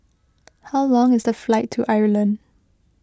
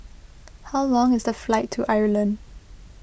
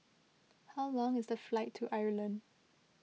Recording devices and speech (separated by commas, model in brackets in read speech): close-talking microphone (WH20), boundary microphone (BM630), mobile phone (iPhone 6), read sentence